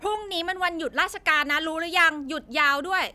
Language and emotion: Thai, angry